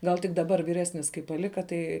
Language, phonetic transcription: Lithuanian, ˈgal tik daˈbar vyˈresnis kai paˈlika ˈtai

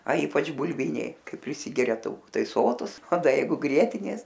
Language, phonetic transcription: Lithuanian, a ˈypač buˈlviniai ˈkai priˈsigeria tauˈku ˈtai ˈsotus o ˈda ˈjeigu ˈgrietinės

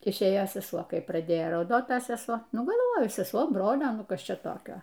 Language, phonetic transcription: Lithuanian, išˈėjo seˈsuo ˈkai praˈdėjo rauˈdot ˈta seˈsuo ˈnu galˈvoju seˈsuo ˈbrolio ˈnu ˈkas ˈčia ˈtokio

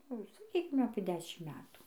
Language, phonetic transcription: Lithuanian, ˈnu saˈkykim apė ˈdešim ˈmetų

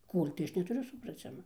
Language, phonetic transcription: Lithuanian, ˈkol' tai ˈaš netuˈriu supraˈcima

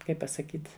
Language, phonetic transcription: Lithuanian, ˈkaip pasaˈkyt

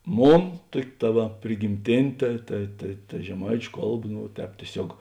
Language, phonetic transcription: Lithuanian, ˈmon ˈtuok' ta ˈva prigimˈtėnė ˈta ta ta ta žeˈmaičiu ˈkalˌba ˈnu ˈtēp tieˈsiog

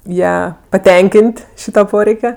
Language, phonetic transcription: Lithuanian, ˈją paˈtenkin't' ˈšyta ˈporeike

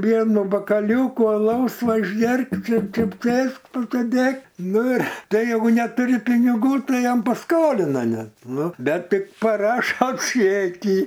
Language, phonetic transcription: Lithuanian, ˈvienu bakaˈliūku aˈlaus ˈva išˈgerk ˈčia ˈčia ˈsėsk pasėˈdėk ˈnu ir ˈtai jeiˈgu netuˈri piniˈgų ˈtai ˈjam paˈskolina ˈnet ˈnu ˈbet ˈtik paˈrašo ˈčekį

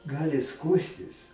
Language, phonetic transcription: Lithuanian, ˈgali ˈskųstis

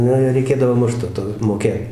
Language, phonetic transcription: Lithuanian, ˈnu ir reiˈkėdavo ˈmušt to ˈto moˈkėt

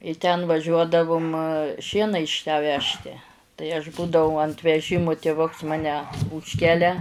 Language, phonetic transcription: Lithuanian, i ten vaˈžiuodavum ˈšiena iš tę ˈvežti tai aš ˈbūdavau ant veˈžimu tėˈvuks ˈmane ˈūžkelia

